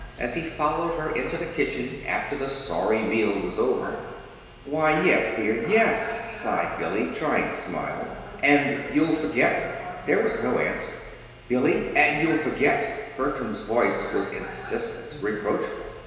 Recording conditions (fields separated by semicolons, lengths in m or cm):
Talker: one person; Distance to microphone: 1.7 m; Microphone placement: close; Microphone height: 1.0 m; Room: very reverberant, large; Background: television